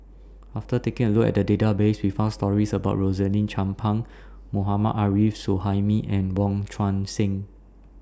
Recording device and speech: standing microphone (AKG C214), read sentence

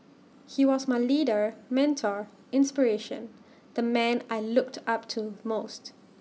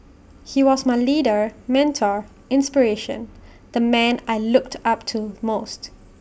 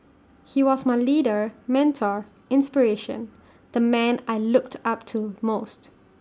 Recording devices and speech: mobile phone (iPhone 6), boundary microphone (BM630), standing microphone (AKG C214), read sentence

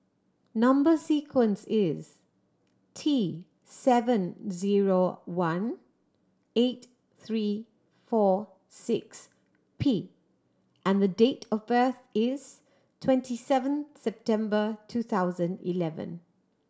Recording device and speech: standing microphone (AKG C214), read sentence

